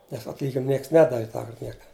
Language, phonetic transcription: Lithuanian, nes atˈlyginim ˈnieks ˈnedavi ˈtąkart ˈnieka

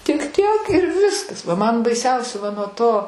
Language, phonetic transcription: Lithuanian, tik ˈtiek ir ˈviskas va ˈman baiˈsiausia va nuo ˈto

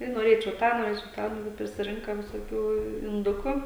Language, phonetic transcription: Lithuanian, tai noˈrėčiau ˈtą noˈrėčiau ˈtą ˈnu vat prisiˈrinka visoˈkių inˈduku

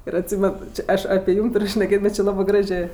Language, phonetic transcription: Lithuanian, ir atˈsymen ˈči ˈaš apė ˈjūm ˈtur' šneˈkėt' ˈbet či ˈlabɜ ˈgražė

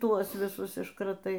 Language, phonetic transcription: Lithuanian, ˈtuos viˈsus iškraˈtai

